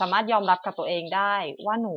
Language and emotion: Thai, neutral